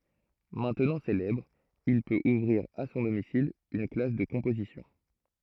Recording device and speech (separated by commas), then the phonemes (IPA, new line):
throat microphone, read sentence
mɛ̃tnɑ̃ selɛbʁ il pøt uvʁiʁ a sɔ̃ domisil yn klas də kɔ̃pozisjɔ̃